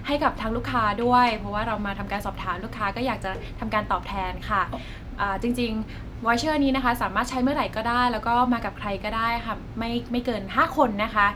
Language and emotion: Thai, neutral